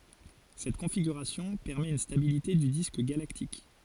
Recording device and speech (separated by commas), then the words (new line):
forehead accelerometer, read sentence
Cette configuration permet une stabilité du disque galactique.